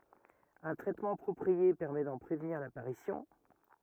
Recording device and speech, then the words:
rigid in-ear microphone, read sentence
Un traitement approprié permet d'en prévenir l'apparition.

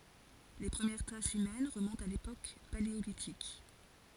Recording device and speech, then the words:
forehead accelerometer, read sentence
Les premières traces humaines remontent à l'époque paléolithique.

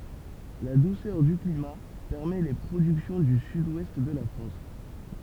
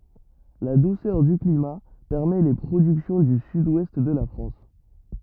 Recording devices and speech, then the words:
temple vibration pickup, rigid in-ear microphone, read sentence
La douceur du climat permet les productions du Sud-Ouest de la France.

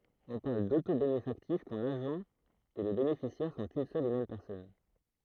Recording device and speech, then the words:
throat microphone, read sentence
On parle d'autobénéfactif quand l'agent et le bénéficiaire sont une seule et même personne.

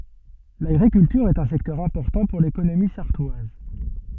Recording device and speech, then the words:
soft in-ear microphone, read sentence
L'agriculture est un secteur important pour l'économie sarthoise.

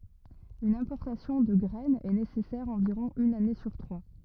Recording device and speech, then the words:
rigid in-ear microphone, read sentence
Une importation de graine est nécessaire environ une année sur trois.

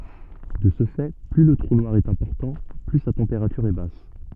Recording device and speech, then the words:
soft in-ear microphone, read sentence
De ce fait, plus le trou noir est important, plus sa température est basse.

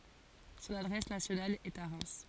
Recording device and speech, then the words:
forehead accelerometer, read sentence
Son adresse nationale est à Reims.

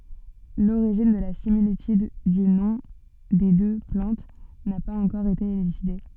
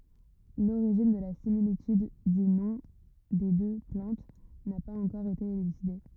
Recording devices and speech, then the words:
soft in-ear microphone, rigid in-ear microphone, read sentence
L'origine de la similitude du nom des deux plantes n'a pas encore été élucidée.

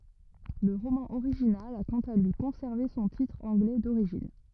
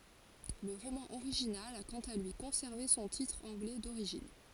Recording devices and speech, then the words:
rigid in-ear microphone, forehead accelerometer, read sentence
Le roman original a quant à lui conservé son titre anglais d'origine.

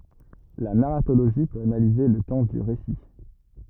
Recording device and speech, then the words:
rigid in-ear microphone, read sentence
La narratologie peut analyser le temps du récit.

